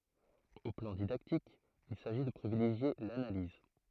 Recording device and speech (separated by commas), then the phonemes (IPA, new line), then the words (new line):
throat microphone, read sentence
o plɑ̃ didaktik il saʒi də pʁivileʒje lanaliz
Au plan didactique, il s'agit de privilégier l'analyse.